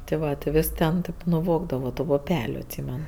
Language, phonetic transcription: Lithuanian, ti ˈva ti ˈvis ten ˈtėp nuˈvogdavo tu puˈpeliu atˈsymen

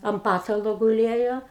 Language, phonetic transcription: Lithuanian, am ˈpatalo guˈlėjo

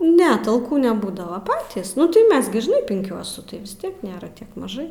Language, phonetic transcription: Lithuanian, ne talˈkų neˈbūdava ˈpatys nu tai ˈmes gi žiˈnai pinˈkiuosu vis ˈtiek ˈnėra ˈtiek maˈžai

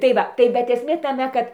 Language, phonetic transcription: Lithuanian, tai ˈva tai bet esˈmė taˈme kad

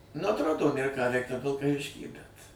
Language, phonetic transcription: Lithuanian, nu atˈrodo ˈnėr ką ˈveikt ˈtam vilkaˈvišky bet

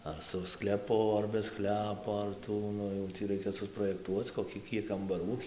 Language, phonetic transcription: Lithuanian, ar su skleˈpu ar be ˈsklepo ar ˈtų ˈnu jau ˈtį ˈraikia suprojekˈtuoc koˈkį ˈkiek kambaˈrų

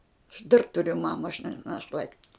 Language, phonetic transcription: Lithuanian, aš ˈdar ˈturiu ˈmama aš ne naˈšlaiti

